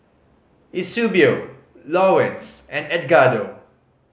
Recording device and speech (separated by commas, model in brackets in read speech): mobile phone (Samsung C5010), read sentence